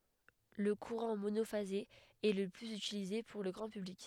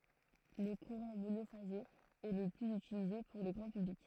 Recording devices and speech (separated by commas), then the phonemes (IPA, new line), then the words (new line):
headset microphone, throat microphone, read sentence
lə kuʁɑ̃ monofaze ɛ lə plyz ytilize puʁ lə ɡʁɑ̃ pyblik
Le courant monophasé est le plus utilisé pour le grand public.